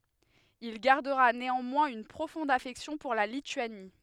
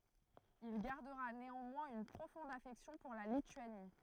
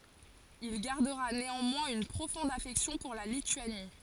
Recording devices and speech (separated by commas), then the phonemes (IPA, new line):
headset microphone, throat microphone, forehead accelerometer, read sentence
il ɡaʁdəʁa neɑ̃mwɛ̃z yn pʁofɔ̃d afɛksjɔ̃ puʁ la lityani